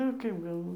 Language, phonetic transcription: Lithuanian, nu ˈkaip galˈvoji

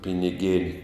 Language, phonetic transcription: Lithuanian, piniˈgėn'

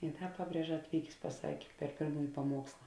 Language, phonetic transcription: Lithuanian, i ˈda ˈpaˌbrieža atˈvykės paˈsakė per ˈpėrmųji paˈmuoksla

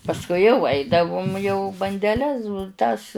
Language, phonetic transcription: Lithuanian, pasˈkui jau ˈaidavum jau bandeˈles ˈtas

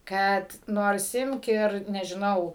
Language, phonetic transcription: Lithuanian, ˈkad ˈnors ˈimk ir nežiˈnau

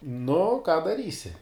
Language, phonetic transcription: Lithuanian, nu ką daˈrysi

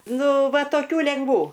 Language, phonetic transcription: Lithuanian, ˈnu ˈva toˈkių lengˈvų

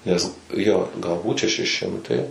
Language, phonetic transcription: Lithuanian, nes ˈjo galˈbūt šeˈši ˈšimtai

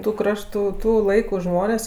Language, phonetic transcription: Lithuanian, tu ˈkraštu ˈtų ˈlaiku ˈžmonės'

